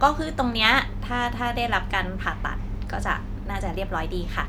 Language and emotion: Thai, neutral